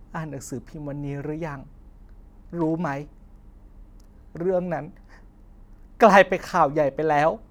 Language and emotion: Thai, sad